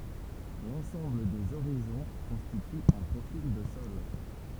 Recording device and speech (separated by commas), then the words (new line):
temple vibration pickup, read sentence
L'ensemble des horizons constitue un profil de sol.